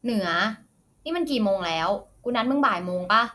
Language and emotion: Thai, frustrated